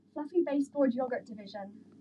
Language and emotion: English, surprised